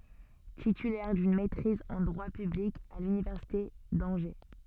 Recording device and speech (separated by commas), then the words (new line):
soft in-ear microphone, read sentence
Titulaire d'une maîtrise en droit public à l'université d'Angers.